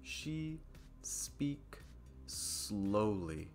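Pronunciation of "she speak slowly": In "she speaks slowly", the s ending "speaks" and the s starting "slowly" are said only once, as a single s sound held a little bit longer.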